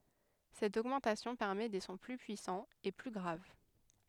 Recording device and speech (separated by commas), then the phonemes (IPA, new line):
headset microphone, read sentence
sɛt oɡmɑ̃tasjɔ̃ pɛʁmɛ de sɔ̃ ply pyisɑ̃z e ply ɡʁav